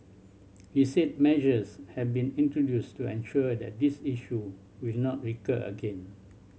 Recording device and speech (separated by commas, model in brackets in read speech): mobile phone (Samsung C7100), read sentence